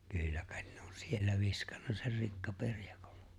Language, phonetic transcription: Finnish, 'kỳllä kᴀᴇt ɴᴇ ‿on 'siellä 'viskᴀɴɴᴀ ser 'rikkaperᴊᴀkᴏʟʟᴇ .
- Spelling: kyllä kai ne on siellä viskannut sen rikkaperjakolle

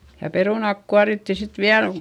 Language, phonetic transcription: Finnish, ja perùnàk kuaritti sit viäl ko ,.
- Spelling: ja perunat kuorittiin sitten vielä kun

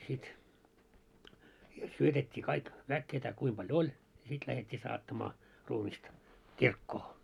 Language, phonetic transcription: Finnish, sit , siel "syötet́t́ii kaik , 'väk ketä 'kuim paljo "oĺ , ja 'sit lähet́t́ii 'saattamaa , 'ruumista , "kirkkoo .
- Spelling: sitten siellä syötettiin kaikki väki ketä kuinka paljon oli ja sitten lähdettiin saattamaan ruumista kirkkoon

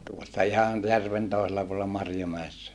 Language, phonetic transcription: Finnish, tuossa ihan , järven tòisella puolᵉlla Marjomäessä .
- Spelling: tuossa ihan järven toisella puolella Marjomäessä

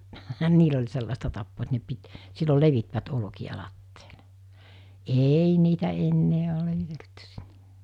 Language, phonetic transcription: Finnish, 'niil ‿oĺ 'sellasta tappoo et ne 'pit , 'sillol 'levitvät 'olᵒki₍a 'latteelᴇ , 'eei niitä ennee ol levite(ltty sinne) .
- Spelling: niillä oli sellaista tapaa että ne piti silloin levittivät olkia lattialle ei niitä enää ole levitelty sinne

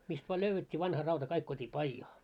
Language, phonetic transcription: Finnish, mist vaa 'löyvvet́t́ii vanha rauta 'kaik tuot́ii "paijaa .
- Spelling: mistä vain löydettiin vanha rauta kaikki tuotiin pajaan

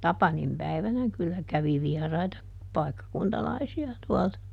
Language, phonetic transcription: Finnish, "Tapanim päivänä ˈkyllä ˈkävi ˈviɛraita , ˈpaikkakuntalaisi₍a tuɔlta .
- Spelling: Tapanin päivänä kyllä kävi vieraita paikkakuntalaisia tuolta

